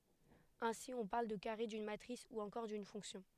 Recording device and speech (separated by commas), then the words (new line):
headset microphone, read sentence
Ainsi, on parle de carré d'une matrice ou encore d'une fonction.